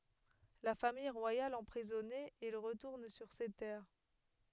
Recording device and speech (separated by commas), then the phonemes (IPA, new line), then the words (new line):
headset microphone, read sentence
la famij ʁwajal ɑ̃pʁizɔne il ʁətuʁn syʁ se tɛʁ
La Famille royale emprisonnée, il retourne sur ses terres.